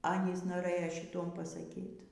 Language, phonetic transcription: Lithuanian, ˈanys noˈrɘjo šiˈtuom pasaˈkyt

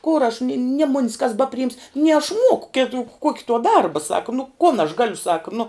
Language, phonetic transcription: Lithuanian, kor aš ni nie mun's kas ˈbapriims nie aš ˈmuoku ˈkitu ˈkuoki tuo ˈdarba ˈsaka nu kon aš ˈgaliu ˈsaka nu

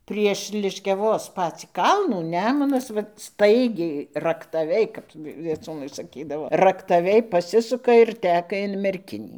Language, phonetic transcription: Lithuanian, prieš liškiaˈvos ˈpacį ˈkalnų ˈnemunas ˈvat ˈstaigiai raktaˈviai ˈkap vieˈcūnai saˈkydavo raktaˈviai ˈpasisuka ir ˈteka in merˈkinį

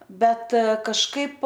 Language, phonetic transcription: Lithuanian, ˈbet kažˈkaip

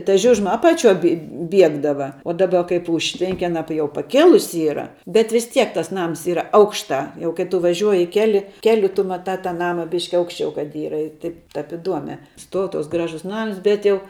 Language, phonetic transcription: Lithuanian, ta ˈžiužma ˈapaˌčiuoj bi ˈbiegdava o ˈdaba kaip ˈužtvenki aˈna jau paˈkėlusi ˈyra bet vis ˈtiek ˈtas ˈnams ˈyra ˈaukštā jau kai ˈtu vaˈžiuoji ˈkeli ˈkeliu tu maˈtā tą ˈnama ˈbiški ˈaukščiau kad ˈyra ir ˈtaip tap iˈduomia ˈstuou ˈtuoks ˈgražus ˈnams ˈbet jau

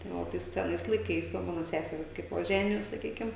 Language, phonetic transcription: Lithuanian, tai ˈo ˈtais seˈnais laiˈkais ˈva ˈmano ˈseserys kaip ˈva ˈženijos saˈkykim

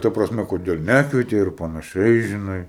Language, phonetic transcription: Lithuanian, ˈta prasˈme koˈdėl ˈnekvietei ir panaˈšiai žiˈnai

